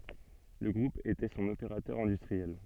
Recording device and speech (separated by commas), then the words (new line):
soft in-ear microphone, read sentence
Le groupe était son opérateur industriel.